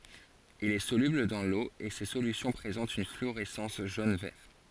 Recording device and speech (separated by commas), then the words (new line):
forehead accelerometer, read sentence
Il est soluble dans l'eau et ses solutions présentent une fluorescence jaune-vert.